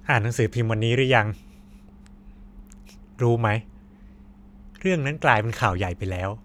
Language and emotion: Thai, frustrated